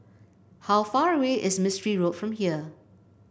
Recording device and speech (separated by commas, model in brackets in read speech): boundary microphone (BM630), read sentence